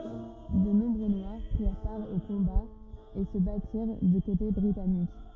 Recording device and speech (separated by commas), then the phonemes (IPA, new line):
rigid in-ear microphone, read sentence
də nɔ̃bʁø nwaʁ pʁiʁ paʁ o kɔ̃baz e sə batiʁ dy kote bʁitanik